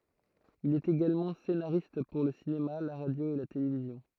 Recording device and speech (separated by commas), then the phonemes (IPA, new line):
throat microphone, read sentence
il ɛt eɡalmɑ̃ senaʁist puʁ lə sinema la ʁadjo e la televizjɔ̃